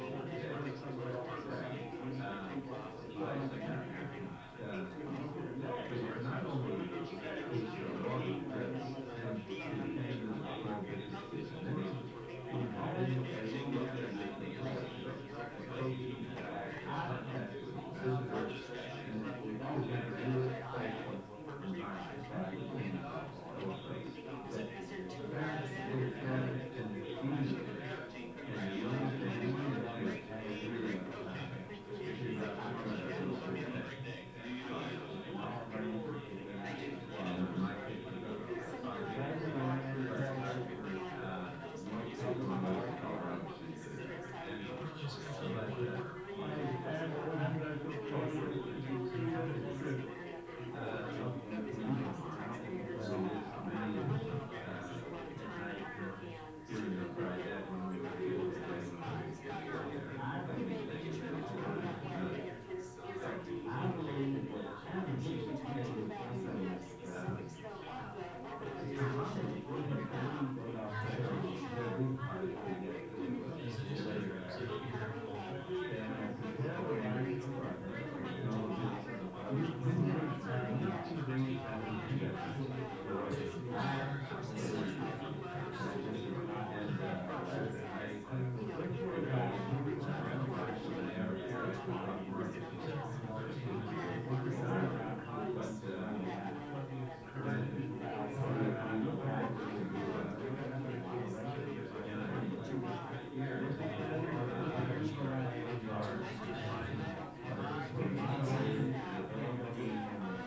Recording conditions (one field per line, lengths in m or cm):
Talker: no one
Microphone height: 99 cm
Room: medium-sized (5.7 m by 4.0 m)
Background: babble